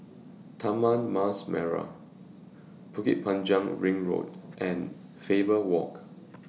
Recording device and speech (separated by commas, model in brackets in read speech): mobile phone (iPhone 6), read sentence